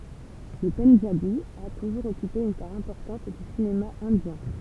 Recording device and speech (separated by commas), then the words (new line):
temple vibration pickup, read sentence
Le pendjabi a toujours occupé une part importante du cinéma indien.